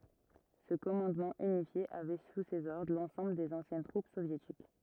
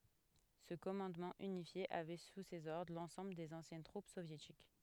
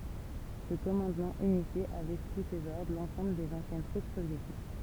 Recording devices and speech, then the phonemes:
rigid in-ear microphone, headset microphone, temple vibration pickup, read sentence
sə kɔmɑ̃dmɑ̃ ynifje avɛ su sez ɔʁdʁ lɑ̃sɑ̃bl dez ɑ̃sjɛn tʁup sovjetik

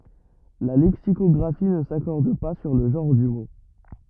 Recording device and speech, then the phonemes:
rigid in-ear microphone, read sentence
la lɛksikɔɡʁafi nə sakɔʁd pa syʁ lə ʒɑ̃ʁ dy mo

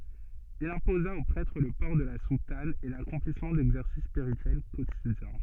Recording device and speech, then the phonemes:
soft in-ear microphone, read sentence
il ɛ̃poza o pʁɛtʁ lə pɔʁ də la sutan e lakɔ̃plismɑ̃ dɛɡzɛʁsis spiʁityɛl kotidjɛ̃

